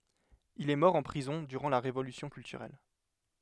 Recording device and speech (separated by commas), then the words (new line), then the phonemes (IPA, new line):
headset microphone, read sentence
Il est mort en prison durant la Révolution culturelle.
il ɛ mɔʁ ɑ̃ pʁizɔ̃ dyʁɑ̃ la ʁevolysjɔ̃ kyltyʁɛl